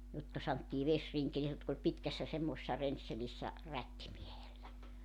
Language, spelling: Finnish, jotka sanottiin vesrinkeli jotka oli pitkässä semmoisessa rensselissä rättimiehellä
- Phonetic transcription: 'jotka santtii 'vesriŋkeli jotk ‿oĺ 'pitkässä semmoᵉsessa 'renselissä , 'rättimiehellä .

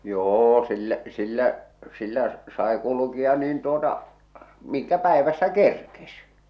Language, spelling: Finnish, jo sillä sillä sillä sai kulkea niin tuota minkä päivässä kerkesi
- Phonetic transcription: 'jô 'sillä’ , 'sillä’ , 'sillä’ , sae kulukia niin tuota , 'miŋkä 'päevässä "kerkes .

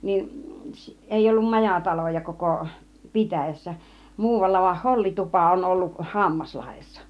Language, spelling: Finnish, niin ei ollut majataloja koko pitäjässä muualla vain hollitupa on ollut Hammaslahdessa
- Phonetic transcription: 'niin , 'èiʲ ‿ollum "majataloja koko , "pitäjässä , 'muuvalla vah "hollitupa on 'ollu(k) , "Hammaslahessa .

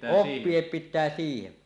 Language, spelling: Finnish, oppia pitää siihen
- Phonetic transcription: oppiep 'pit̆tää siihe .

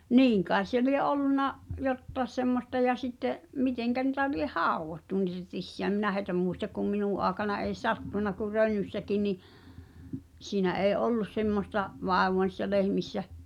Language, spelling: Finnish, niin kai se lie ollut jotakin semmoista ja sitten miten niitä lie haudottu niitä tissiä en minä heitä muista kun minun aikana ei sattunut kun Rönnyssäkin niin siinä ei ollut semmoista vaivaa niissä lehmissä
- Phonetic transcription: niiŋ kai̬s̆ se lie '’ol̆lunna , "jottaĕs semmosta ja sitte’ , "miteŋkä ni̳tä lieh "hàuwvottu nìtä 'tissi₍ä ᵉm "minä hèi̬tä mùistak kum "minù ’aaᵉkana ei "sattùn̆na kur 'Rönnyssäki ni , 'siinä '’èi̬ "’ollus 'semmosta’ , 'vàevoa ni̳ssä lehmissä ,.

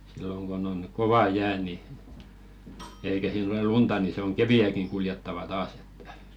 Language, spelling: Finnish, silloin kun on kova jää niin eikä siinä ole lunta niin se on keveäkin kuljettava taas että
- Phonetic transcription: silloŋ ɢon ‿oŋ "kova 'jää ni , eikä sii'n ‿olel "lunta nii se oŋ "kevi₍ä̀kiŋ kuljettava 'taas ‿ᴇttᴀ̈ .

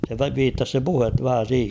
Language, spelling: Finnish, se viittasi se puhe vähän siihen
- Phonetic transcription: se 'viittas se "puhet 'vähä 'siihe .

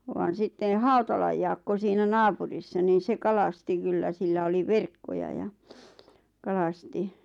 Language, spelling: Finnish, vaan sitten Hautalan Jaakko siinä naapurissa niin se kalasti kyllä sillä oli verkkoja ja kalasti
- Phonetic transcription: vaan sitten̬ "Hautalaj Jaakko siinä "naapurissa niin̬ 'se "kalasti kyllä 'sillä oli "verkkoja ja , 'kalasti .

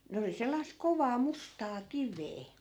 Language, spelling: Finnish, ne oli sellaista kovaa mustaa kiveä
- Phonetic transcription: 'ne oli sellaisk̆ 'kovaa 'mustaa "kivee .

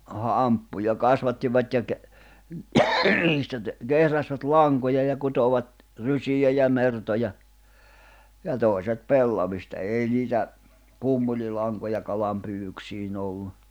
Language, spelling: Finnish, hamppuja kasvattivat ja - niistä - kehräsivät lankoja ja kutoivat rysiä ja mertoja ja toiset pellavista ei niitä pumpulilankoja kalanpyydyksiin ollut
- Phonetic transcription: hamppuja 'kasvattivat ja ke- , niistä te- , 'kehräsvät "laŋkoja ja 'kutovat , "rysijä ja 'mertoja , ja "tòi̬set "pellavista 'èi niitä , 'pummulilaŋkoja 'kalampyyʷyksiin ‿ollu .

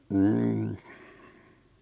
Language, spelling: Finnish, mm
- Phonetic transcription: 'n̥n̥ .

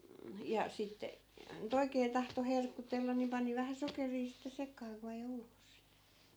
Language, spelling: Finnish, ja sitten nyt oikein tahtoi herkutella niin pani vähän sokeria sitten sekaan kun vei ulos
- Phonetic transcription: ja , 'sitte , ny"t ‿oikee tahto 'herkutellan ni 'pani vähä 'sokerii sitte 'sek̀aa ku (vei 'ulos) .

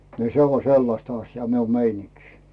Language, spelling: Finnish, niin se on sellaista asiaa minun meininki
- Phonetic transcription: ni 'se o "sellasta asjaa miu 'meiniŋkɪ .

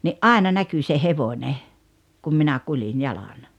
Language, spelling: Finnish, niin aina näkyi se hevonen kun minä kuljin jalan
- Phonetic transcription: ni’ "’àena 'näky se "hevońe , kum minä "kulin "jalan .

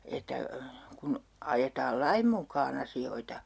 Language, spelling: Finnish, että kun ajetaan lain mukaan asioita
- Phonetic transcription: että , » kun , 'ajetaal "laim muk̀aa'n ‿asi₍oita » .

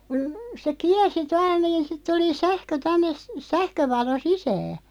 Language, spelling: Finnish, kun se kiersi tuolla niin sitten tuli sähkö tänne - sähkövalo sisään
- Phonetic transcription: kun , se "kiɛrsi 'tual niin 'sit tuli 'sähkö 'tänne , s- "sähkövalo 'sisää .

